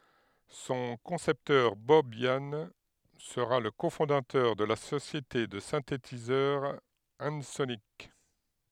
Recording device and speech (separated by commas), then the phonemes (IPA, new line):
headset microphone, read sentence
sɔ̃ kɔ̃sɛptœʁ bɔb jan səʁa lə kofɔ̃datœʁ də la sosjete də sɛ̃tetizœʁ ɑ̃sonik